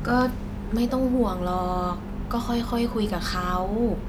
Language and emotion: Thai, neutral